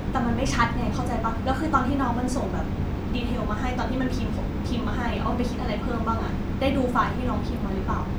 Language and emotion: Thai, frustrated